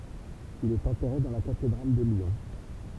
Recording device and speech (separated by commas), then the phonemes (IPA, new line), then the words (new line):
temple vibration pickup, read sentence
il ɛt ɑ̃tɛʁe dɑ̃ la katedʁal də ljɔ̃
Il est enterré dans la cathédrale de Lyon.